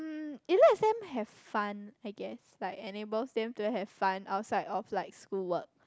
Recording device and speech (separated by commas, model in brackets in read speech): close-talking microphone, conversation in the same room